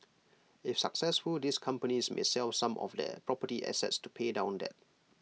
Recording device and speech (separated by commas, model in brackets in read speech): mobile phone (iPhone 6), read sentence